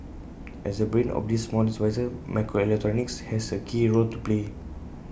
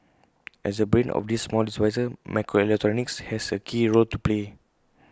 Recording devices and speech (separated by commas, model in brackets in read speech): boundary microphone (BM630), close-talking microphone (WH20), read sentence